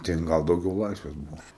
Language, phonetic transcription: Lithuanian, ˈten ˈgal dauˈgiau ˈlaisvės ˈbuvo

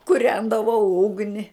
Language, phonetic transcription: Lithuanian, kuˈrendavau ˈugni

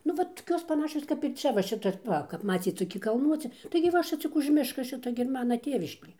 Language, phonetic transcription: Lithuanian, nu ˈvat toˈkios paˈnašios kap ir ˈčia va ˈšita ˈva kap ˈmacyt toˈki kalˈnuoci taigi ˈva ˈšic cik už ˈmiška ˈšito gi ir ˈmana ˈtėviškė

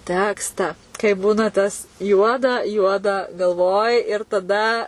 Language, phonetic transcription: Lithuanian, ˈtekstą kai ˈbūna tas ˈjuoda ˈjuoda galˈvoj ir taˈda

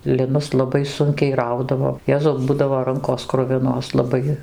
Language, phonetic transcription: Lithuanian, liˈnus laˈbai ˈsunkiai ˈraudavo ˈjezau ˈbudavo ˈrankos ˈkruvinos laˈbai

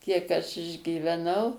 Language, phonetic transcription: Lithuanian, ˈkiek aš išgyveˈnau

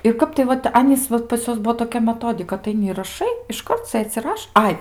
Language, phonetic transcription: Lithuanian, ir ˈkap tai ˈvat ˈanys ˈvat pas ˈjuos ˈbuo toˈkia meˈtodika ataiˈni ir raˈšai išˈkart ˈsɘdz i ˈraš ˈai

